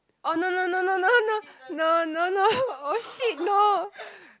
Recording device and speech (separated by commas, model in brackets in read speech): close-talking microphone, conversation in the same room